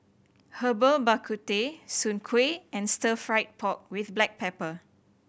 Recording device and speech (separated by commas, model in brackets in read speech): boundary microphone (BM630), read sentence